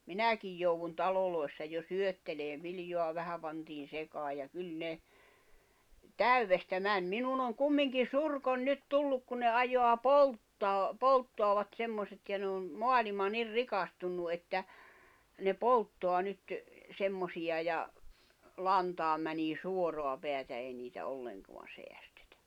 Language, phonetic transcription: Finnish, 'minäkij jouwun 'talolòi̬ssa jo "syötteleev̆ 'viljoa 'vähä pantiin̬ 'sekaa ja 'kyl 'ne , "täywvestä 'män 'minun ‿oŋ "kummiŋki "surkoń 'nyt "tulluk ku ne 'ajoa "polttaa , 'polttoavat 'semmoset ja ne on , "moalima 'nir "rikastunnu että , ne 'polttoa 'nyt , 'semmosi₍a ja , 'lantaam mänii 'suoroa peätä ei niitä 'olleŋkoan 'seästᴇtᴀ̈ .
- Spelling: minäkin jouduin taloissa jo syöttelemään viljaa vähän pantiin sekaan ja kyllä ne täydestä meni minun on kumminkin surkoni nyt tullut kuin ne ajaa polttaa polttavat semmoiset ja ne on maailma niin rikastunut että ne polttaa nyt semmoisia ja lantaan menee suoraa päätä ei niitä ollenkaan säästetä

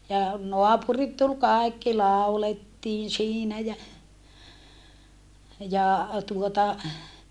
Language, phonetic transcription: Finnish, ja , noapurit tul kài̮kki làulettiin siinä jä , ja , tuota , .
- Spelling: ja naapurit tuli kaikki laulettiin siinä ja ja tuota

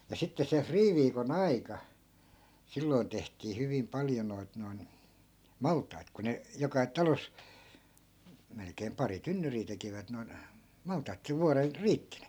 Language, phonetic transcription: Finnish, ja 'sitte se 'friiviiko"n ‿aika , 'silloi̮n tehtii hyvim 'paljo noit noi̮n , "malt̆tait ku ne , 'joka 'talos , 'melkeem pari 'tynnyrii tekivät noi̮n , 'maltait (et se) 'vuarel , "riitti ni .
- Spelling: ja sitten se friiviikon aika silloin tehtiin hyvin paljon noita noin maltaita kun ne joka talossa melkein pari tynnyriä tekivät noin maltaita että se vuoden riitti niin

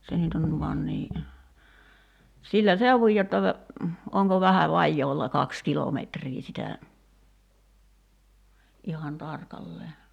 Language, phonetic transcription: Finnish, se nyt ‿on , 'van nii , 'sillä "seuvuj jotta , 'oŋko vähä 'vajjoolla "kaks 'kilometrii sitä , '’ihan "tarkallee .
- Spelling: se nyt on van niin sillä seudun jotta onko vähän vajaa kaksi kilometriä sitä ihan tarkalleen

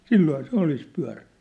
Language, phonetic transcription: Finnish, sillooha 'se olis pyä̭rä- .
- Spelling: silloinhan se olisi -

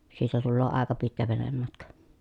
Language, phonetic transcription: Finnish, siitä tulloo àeka pitkä venemmatka .
- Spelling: siitä tulee aika pitkä venematka

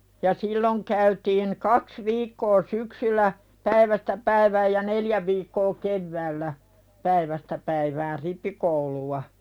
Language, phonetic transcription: Finnish, ja 'silloŋ käytiin̳ "kaks 'viikkoo syksyl̆lä , 'päivästä 'päivääj ja "neljä viikkoo 'kevväällä , 'päivästä päiväär "rippikouluwa .
- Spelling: ja silloin käytiin kaksi viikkoa syksyllä päivästä päivään ja neljä viikkoa keväällä päivästä päivään rippikoulua

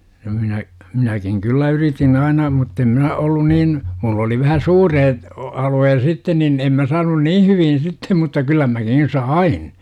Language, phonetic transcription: Finnish, ja minä , 'minäkiŋ "kyllä yritin "aina muttem 'minä ollun niin , 'mull ‿oli vähä "suureet , 'alu₍ee(s) "sitten nin 'em mä saanun "nii hyvin 'sittem mutta 'kyllä mäkin̬ "sain .
- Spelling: ja minä minäkin kyllä yritin aina mutta en minä ollut niin minulla oli vähän suuret alueet sitten niin en minä saanut niin hyvin sitten mutta kyllä minäkin sain

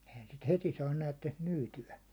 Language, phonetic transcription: Finnish, ehän sit "heti saan 'näätteks 'myyty₍ä .
- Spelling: eihän sitä heti saa näettekös myytyä

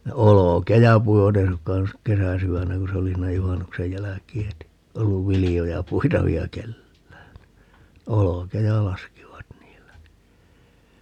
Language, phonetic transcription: Finnish, ne "olokeja 'puivat ‿'ei sukkaa (nys) , "kesäsywännä ku se 'oli siinä 'juhannuksej 'jäläkii heti , 'olluv "vilijoja 'puitavi₍a "kellään (ni) , "olokeja 'laskivat 'niillä (ni) .
- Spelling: ne olkia puivat ei suinkaan nyt kesäsydännä kun se oli siinä juhannuksen jälkeen heti ollut viljoja puitavia kenelläkään niin olkia laskivat niillä niin

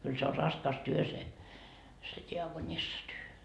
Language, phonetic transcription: Finnish, » kyl se o 'raskas se , se 'diakonissatyö .
- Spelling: kyllä se on raskas se se diakonissatyö

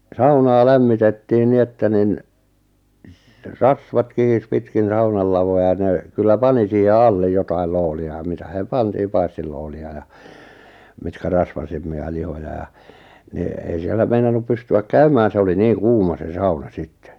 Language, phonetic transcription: Finnish, saunaa "lämmitettii 'ni että 'nin , s̥̀- "rasvat 'kihis 'pitkin̬ "saunal lavoja ja 'nè , 'kyllä "pani siihe "allej 'jotail 'looli₍a ja 'mitä [si]hè 'pantii 'paistillooli₍a ja , mitkä 'rasvasemmi₍a lihoja ja , ni , ei 'siellä 'meinannup 'pysty₍äk "käymään 'se oli 'niiŋ "kuuma 'se "sauna 'sittᴇ .
- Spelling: saunaa lämmitettiin niin että niin - rasvat kihisi pitkin saunan lavoja ja ne kyllä pani siihen alle jotakin lootia ja mitä siihen pantiin paistilootia ja mitkä rasvaisempia lihoja ja niin ei siellä meinannut pystyä käymään se oli niin kuuma se sauna sitten

